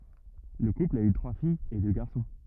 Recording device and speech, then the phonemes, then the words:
rigid in-ear microphone, read sentence
lə kupl a y tʁwa fijz e dø ɡaʁsɔ̃
Le couple a eu trois filles et deux garçons.

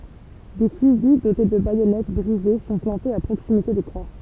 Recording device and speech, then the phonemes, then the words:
temple vibration pickup, read sentence
de fyzi dote də bajɔnɛt bʁize sɔ̃ plɑ̃tez a pʁoksimite de kʁwa
Des fusils dotés de baïonnettes brisées sont plantés à proximité des croix.

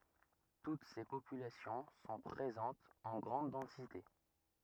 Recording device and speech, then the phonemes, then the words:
rigid in-ear microphone, read sentence
tut se popylasjɔ̃ sɔ̃ pʁezɑ̃tz ɑ̃ ɡʁɑ̃d dɑ̃site
Toutes ces populations sont présentes en grande densité.

